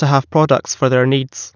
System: none